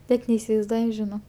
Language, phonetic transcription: Lithuanian, ˈnet neisivaizˈduoju žiˈno

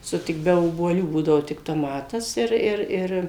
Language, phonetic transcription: Lithuanian, ˈsu ˈtik be obuoˈlių ˈbūdavo tik toˈmatas ir ˈir ˈir

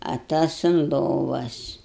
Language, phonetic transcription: Lithuanian, a ˈtas un ˈlovas

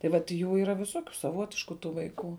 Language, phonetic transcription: Lithuanian, tai vat ˈjų yˈra viˈsokiu saˈvotišku ˈtų vaiˈkų

